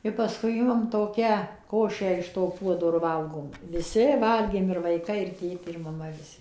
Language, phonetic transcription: Lithuanian, i paˈskui ˈimam toˈkią ˈkošę iš to ˈpuodo ir ˈvalgom viˈsi ˈvalgėm ir vaiˈkai ir ˈtėtė ir maˈma viˈsi

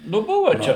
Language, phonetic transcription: Lithuanian, nu ˈbuva ˈčia

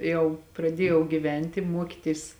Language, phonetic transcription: Lithuanian, ˈjau praˈdiejau giˈvent' i ˈmuokitis

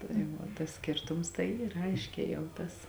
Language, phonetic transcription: Lithuanian, tai ˈva tas ˈskėrtums tai ˈyr ˈaiškē jau ˈtas

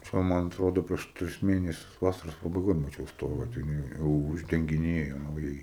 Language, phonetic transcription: Lithuanian, ˈčia ˈman atˈrodo prieš ˈtris ˈmėnesius ˈvasaros pabaiˈgoj maˈčiau ˈstoga ˈten jie u uždengiˈnėjo nauˈjai

